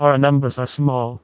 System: TTS, vocoder